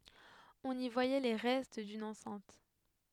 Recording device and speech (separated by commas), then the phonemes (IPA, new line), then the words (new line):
headset microphone, read sentence
ɔ̃n i vwajɛ le ʁɛst dyn ɑ̃sɛ̃t
On y voyait les restes d'une enceinte.